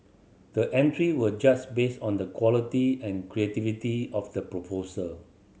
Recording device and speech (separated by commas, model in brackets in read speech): mobile phone (Samsung C7100), read sentence